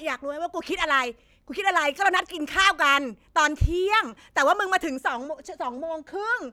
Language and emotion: Thai, angry